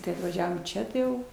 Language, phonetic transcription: Lithuanian, tai atvaˈžiavom ˈčia tai ˈjau

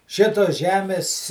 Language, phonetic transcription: Lithuanian, ˈšitos ˈžemės

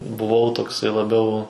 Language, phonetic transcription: Lithuanian, buˈvau tokˈsai laˈbiau

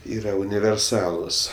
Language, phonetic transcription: Lithuanian, ˈyra univerˈsalus

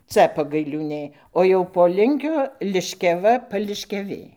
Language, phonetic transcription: Lithuanian, ˈca pagailiūˈnė o jau po ˈlinkio liškiaˈva pališkiaˈvė

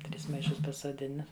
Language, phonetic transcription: Lithuanian, ˈtris maiˈšus pasuoˈdina

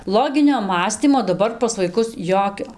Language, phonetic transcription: Lithuanian, ˈloginio ˈmąstymo daˈbar pas vaiˈkus ˈjokio

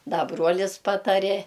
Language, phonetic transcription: Lithuanian, ˈda ˈbruolis ˈpatarė

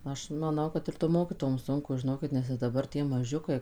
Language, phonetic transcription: Lithuanian, ˈaš maˈnau ˈkad ir tom ˈmokytojom ˈsunku žiˈnokit nes ir daˈbar ˈtie maˈžiukai

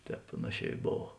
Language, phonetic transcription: Lithuanian, ˈtēp ˈpanaˌšē i ˈbov

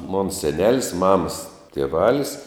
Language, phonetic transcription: Lithuanian, mon seˈnelis ˈmamas tieˈvalis

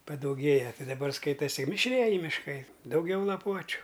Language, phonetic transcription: Lithuanian, padauˈgėja ˈti daˈbar ˈskaitasi mišˈrieji mišˈkai dauˈgiau laˈpuočiu

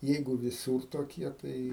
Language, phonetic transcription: Lithuanian, ˈjeigu viˈsūr toˈkie ˈtai

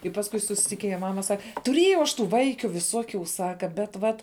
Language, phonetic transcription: Lithuanian, i pasˈkui susitikiˈnėja ˈmama ˈsak tuˈriejau aš ˈtų ˈvaikiu viˈsuokių ˈsaka bet ˈvat

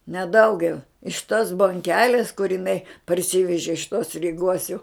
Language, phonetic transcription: Lithuanian, ne ˈdaugiau iš tos bonˈkelės kur iˈnai parˈsyveži iš tos ryˈgos jau

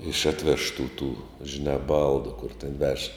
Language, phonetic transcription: Lithuanian, iš ˈatˌvežtų tų žiˈnā ˈbaldu kur ten vež

